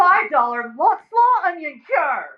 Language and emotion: English, angry